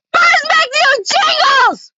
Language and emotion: English, sad